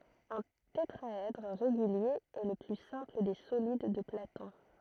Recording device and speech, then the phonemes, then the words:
throat microphone, read sentence
œ̃ tetʁaɛdʁ ʁeɡylje ɛ lə ply sɛ̃pl de solid də platɔ̃
Un tétraèdre régulier est le plus simple des solides de Platon.

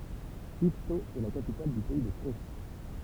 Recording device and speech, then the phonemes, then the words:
temple vibration pickup, read sentence
ivto ɛ la kapital dy pɛi də ko
Yvetot est la capitale du pays de Caux.

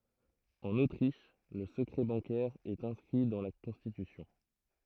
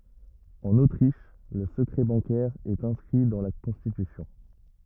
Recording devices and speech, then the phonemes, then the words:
throat microphone, rigid in-ear microphone, read sentence
ɑ̃n otʁiʃ lə səkʁɛ bɑ̃kɛʁ ɛt ɛ̃skʁi dɑ̃ la kɔ̃stitysjɔ̃
En Autriche, le secret bancaire est inscrit dans la constitution.

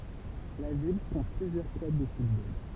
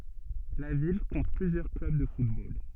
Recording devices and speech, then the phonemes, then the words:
temple vibration pickup, soft in-ear microphone, read sentence
la vil kɔ̃t plyzjœʁ klœb də futbol
La ville compte plusieurs clubs de football.

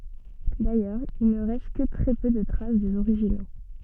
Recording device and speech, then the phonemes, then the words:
soft in-ear microphone, read sentence
dajœʁz il nə ʁɛst kə tʁɛ pø də tʁas dez oʁiʒino
D’ailleurs, il ne reste que très peu de traces des originaux.

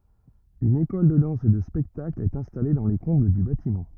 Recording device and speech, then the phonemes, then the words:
rigid in-ear microphone, read sentence
yn ekɔl də dɑ̃s e də spɛktakl ɛt ɛ̃stale dɑ̃ le kɔ̃bl dy batimɑ̃
Une école de danse et de spectacle est installée dans les combles du bâtiment.

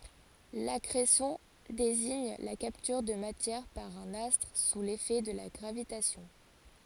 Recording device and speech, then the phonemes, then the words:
forehead accelerometer, read sentence
lakʁesjɔ̃ deziɲ la kaptyʁ də matjɛʁ paʁ œ̃n astʁ su lefɛ də la ɡʁavitasjɔ̃
L'accrétion désigne la capture de matière par un astre sous l'effet de la gravitation.

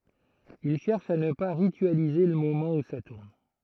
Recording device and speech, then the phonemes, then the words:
throat microphone, read sentence
il ʃɛʁʃ a nə pa ʁityalize lə momɑ̃ u sa tuʁn
Il cherche à ne pas ritualiser le moment où ça tourne.

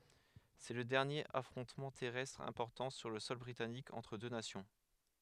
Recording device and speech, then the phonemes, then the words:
headset microphone, read sentence
sɛ lə dɛʁnjeʁ afʁɔ̃tmɑ̃ tɛʁɛstʁ ɛ̃pɔʁtɑ̃ syʁ lə sɔl bʁitanik ɑ̃tʁ dø nasjɔ̃
C’est le dernier affrontement terrestre important sur le sol britannique entre deux nations.

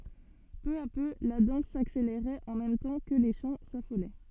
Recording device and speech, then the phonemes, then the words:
soft in-ear microphone, read sentence
pø a pø la dɑ̃s sakseleʁɛt ɑ̃ mɛm tɑ̃ kə le ʃɑ̃ safolɛ
Peu à peu, la danse s'accélérait en même temps que les chants s'affolaient.

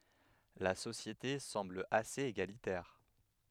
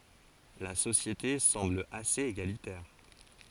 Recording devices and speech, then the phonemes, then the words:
headset microphone, forehead accelerometer, read sentence
la sosjete sɑ̃bl asez eɡalitɛʁ
La société semble assez égalitaire.

